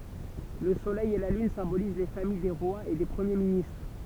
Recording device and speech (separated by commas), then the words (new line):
temple vibration pickup, read sentence
Le Soleil et la Lune symbolisent les familles des rois et des premiers ministres.